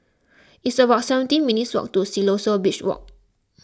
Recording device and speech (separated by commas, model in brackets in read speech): close-talking microphone (WH20), read sentence